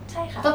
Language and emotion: Thai, neutral